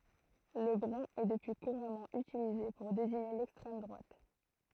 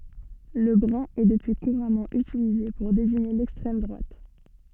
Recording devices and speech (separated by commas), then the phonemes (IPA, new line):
throat microphone, soft in-ear microphone, read sentence
lə bʁœ̃ ɛ dəpyi kuʁamɑ̃ ytilize puʁ deziɲe lɛkstʁɛm dʁwat